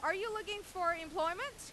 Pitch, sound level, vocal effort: 350 Hz, 98 dB SPL, very loud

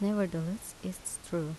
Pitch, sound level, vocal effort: 185 Hz, 77 dB SPL, soft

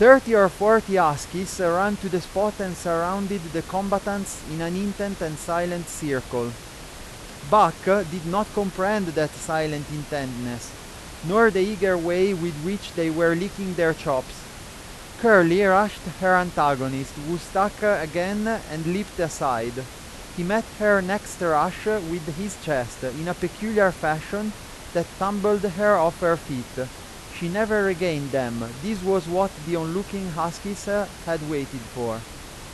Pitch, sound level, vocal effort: 175 Hz, 93 dB SPL, very loud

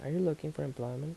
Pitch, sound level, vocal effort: 155 Hz, 77 dB SPL, soft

